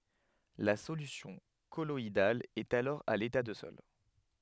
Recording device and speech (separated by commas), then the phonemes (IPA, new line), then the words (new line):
headset microphone, read sentence
la solysjɔ̃ kɔlɔidal ɛt alɔʁ a leta də sɔl
La solution colloïdale est alors à l'état de sol.